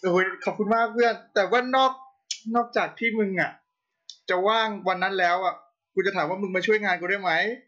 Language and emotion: Thai, happy